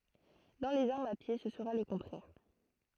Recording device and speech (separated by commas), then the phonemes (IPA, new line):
throat microphone, read sentence
dɑ̃ lez aʁmz a pje sə səʁa lə kɔ̃tʁɛʁ